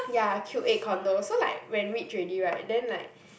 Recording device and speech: boundary microphone, conversation in the same room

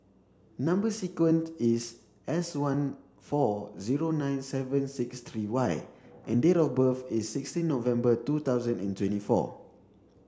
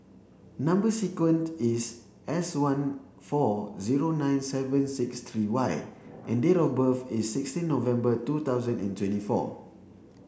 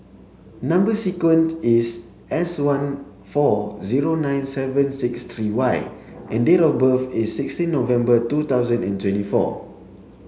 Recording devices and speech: standing microphone (AKG C214), boundary microphone (BM630), mobile phone (Samsung C7), read sentence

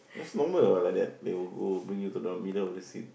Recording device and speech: boundary microphone, conversation in the same room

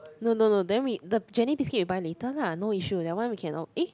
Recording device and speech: close-talking microphone, conversation in the same room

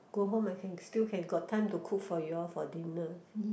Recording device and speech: boundary microphone, conversation in the same room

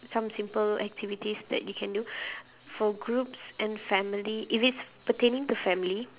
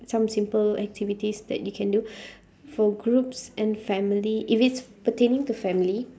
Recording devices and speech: telephone, standing microphone, conversation in separate rooms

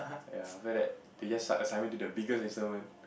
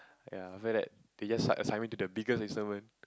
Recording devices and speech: boundary microphone, close-talking microphone, conversation in the same room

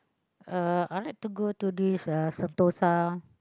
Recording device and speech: close-talking microphone, conversation in the same room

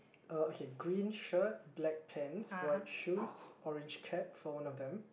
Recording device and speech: boundary microphone, conversation in the same room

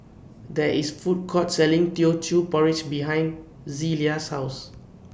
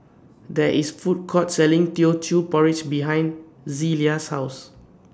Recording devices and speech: boundary microphone (BM630), standing microphone (AKG C214), read sentence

